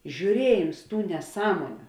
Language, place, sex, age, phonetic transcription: Lithuanian, Žemaitija, female, 18-60, žiūˈriejims ˈtų neˈsąmoniu

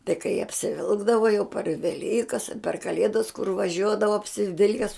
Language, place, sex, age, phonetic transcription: Lithuanian, Žemaitija, female, 60+, tai kai apsiˈvilkdava jau par veˈlykas a per kaˈlėdas kur vaˈžiuodava apsiˈvilkes

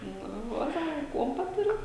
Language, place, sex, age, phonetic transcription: Lithuanian, Žemaitija, female, 18-60, ˈnu ˈvat ˈsaka ˈkuompa ˈturit

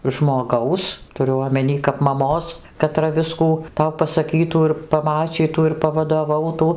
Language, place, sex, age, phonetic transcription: Lithuanian, Dzūkija, female, 60+, žmoˈgaus tuˈriu omeˈny kap maˈmos kaˈtra ˈviskų ˈtau pasaˈkytų ir paˈmačytų ir pavadoˈvautų

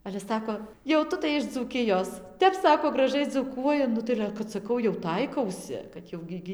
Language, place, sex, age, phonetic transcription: Lithuanian, Dzūkija, female, 18-60, ale ˈsako jau ˈtu tai iš dzūˈkijos ˈtep ˈsako graˈžai dzūˈkuoji ˈnu tai ale kad saˈkau jau ˈtaikausi kad ˈjau gi ˈgi

